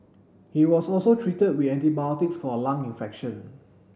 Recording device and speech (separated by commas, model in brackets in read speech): boundary microphone (BM630), read sentence